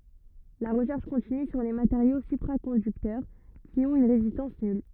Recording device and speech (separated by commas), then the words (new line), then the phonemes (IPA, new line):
rigid in-ear microphone, read sentence
La recherche continue sur les matériaux supraconducteurs qui ont une résistance nulle.
la ʁəʃɛʁʃ kɔ̃tiny syʁ le mateʁjo sypʁakɔ̃dyktœʁ ki ɔ̃t yn ʁezistɑ̃s nyl